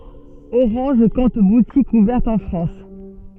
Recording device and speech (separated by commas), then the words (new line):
soft in-ear microphone, read sentence
Orange compte boutiques ouvertes en France.